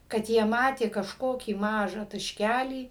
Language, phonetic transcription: Lithuanian, kad ˈjie ˈmatė kažˈkokį ˈmažą tašˈkælį

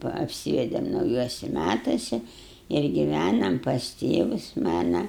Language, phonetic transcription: Lithuanian, va apˈsyvedėm nauˈjuosi ˈmætasi ir giˈvænam pas ˈtėvus ˈmana

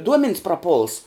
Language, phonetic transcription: Lithuanian, ˈduomen's praˈpuls

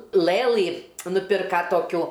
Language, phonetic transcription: Lithuanian, ˈlɘlɨ nuˈpirka toˈkių

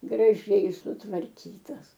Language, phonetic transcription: Lithuanian, graˈžiai sutvarˈkytas

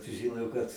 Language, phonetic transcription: Lithuanian, suˈžiˈno kad

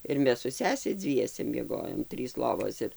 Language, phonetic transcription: Lithuanian, ir ˈmes su ˈsese ˈdzviese mieˈgojom ˈtrys ˈlovos ir

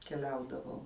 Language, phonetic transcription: Lithuanian, keˈliaudavau

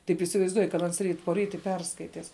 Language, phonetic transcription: Lithuanian, taip įsivaizˈduoj kad ˈans ˈryt poˈryt i ˈperskaitis

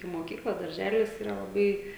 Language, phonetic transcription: Lithuanian, i moˈkykla darˈželis ˈyra laˈbai

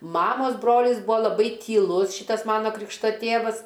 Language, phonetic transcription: Lithuanian, ˈmamas ˈbrolis ˈbūa laˈbai tyˈlus ˈšytas ˈmana ˈkrikšta ˈtėvas

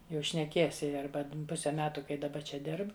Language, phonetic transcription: Lithuanian, ˈjau šneˈkies ˈji ˈarba ˈpuse ˈmetu kai daˈba ˈčia ˈdirb

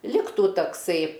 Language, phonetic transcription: Lithuanian, ˈliktų takˈsai

